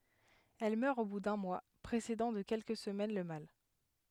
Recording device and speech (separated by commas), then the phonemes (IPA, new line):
headset microphone, read sentence
ɛl mœʁ o bu dœ̃ mwa pʁesedɑ̃ də kɛlkə səmɛn lə mal